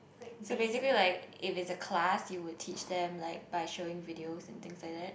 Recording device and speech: boundary microphone, conversation in the same room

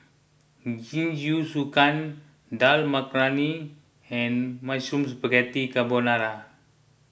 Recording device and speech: boundary microphone (BM630), read sentence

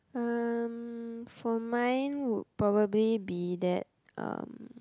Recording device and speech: close-talking microphone, conversation in the same room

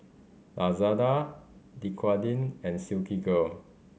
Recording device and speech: mobile phone (Samsung C5010), read sentence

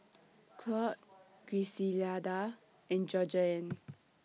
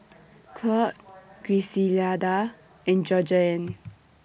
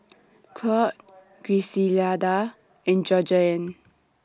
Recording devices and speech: mobile phone (iPhone 6), boundary microphone (BM630), standing microphone (AKG C214), read sentence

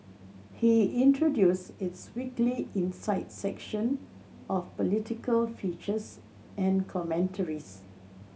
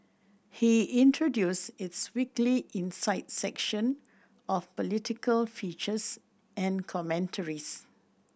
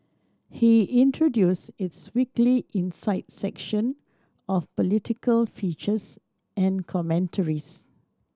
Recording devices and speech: mobile phone (Samsung C7100), boundary microphone (BM630), standing microphone (AKG C214), read sentence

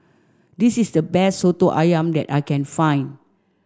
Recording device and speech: standing microphone (AKG C214), read sentence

